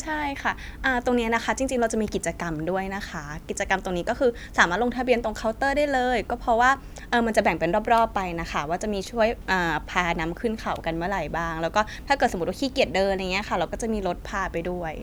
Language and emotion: Thai, neutral